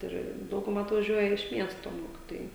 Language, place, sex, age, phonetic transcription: Lithuanian, Žemaitija, female, 18-60, ˈir ˈdauguˌma atvaˈžiuoja iš ˈmiesto ˈmokitojai

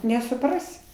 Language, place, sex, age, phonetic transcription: Lithuanian, Aukštaitija, female, 60+, nesuˈprasi

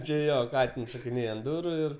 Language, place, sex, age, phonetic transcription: Lithuanian, Aukštaitija, male, 18-60, ˈči ˈjo ˈkatins šokiˈnėj ant ˈduru ˈir

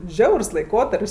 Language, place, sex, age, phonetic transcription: Lithuanian, Aukštaitija, female, 18-60, ˈžiaurs laiˈkotarp's'

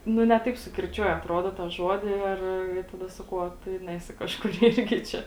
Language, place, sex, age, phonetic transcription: Lithuanian, Žemaitija, female, 18-60, ˈnu ne ˈtaip sukirˈčiuoja atˈrodo tą ˈžodi ir taˈda saˈkau o ˈtu i ˈnesi kažˈkur ˈirgi ˈčia

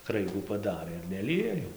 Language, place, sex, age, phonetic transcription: Lithuanian, Dzūkija, male, 18-60, ˈkraigų paˈdarɘ ir neˈlija jau

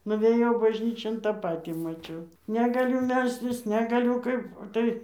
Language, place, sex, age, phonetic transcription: Lithuanian, Dzūkija, female, 60+, nuvėˈjau bažˈnyčion ˈtą ˈpatį maˈčiau negaˈliu ˈmelstis negaˈliu ˈkaip o ˈtai

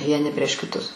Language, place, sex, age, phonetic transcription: Lithuanian, Aukštaitija, female, 60+, vieˈni prieš kiˈtus

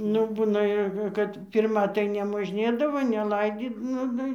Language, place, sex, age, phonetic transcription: Lithuanian, Dzūkija, female, 60+, ˈnu ˈbūna jau ˈkad ˈpirma tai nemožˈnėdavo neˈlaidy ˈnu ˈnu

